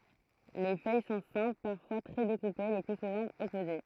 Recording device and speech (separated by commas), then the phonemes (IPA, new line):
throat microphone, read sentence
le fœj sɔ̃ sɛ̃pl paʁfwa tʁɛ dekupe lə ply suvɑ̃ ɔpoze